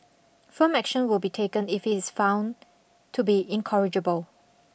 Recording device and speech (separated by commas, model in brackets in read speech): boundary microphone (BM630), read sentence